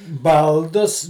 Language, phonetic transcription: Lithuanian, ˈbaldus

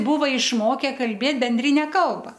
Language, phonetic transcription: Lithuanian, ˈbūva išˈmoke kalˈbėt benˈdrine ˈkalba

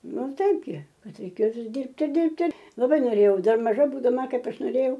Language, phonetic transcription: Lithuanian, ˈnu ˈtaip gi ˈkad reiˈkėjo ˈvis ˈdyrbti ˈdirbti laˈbai noˈrėjau ˈdar maˈža būdaˈma ˈkaip ˈaš noˈrėjau

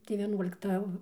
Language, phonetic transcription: Lithuanian, tai vieˈnuolikta

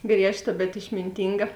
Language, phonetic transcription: Lithuanian, ˈgriežˌta bet išminˈtynga

